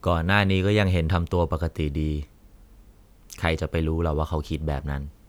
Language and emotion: Thai, neutral